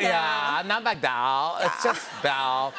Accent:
Valley Girl accent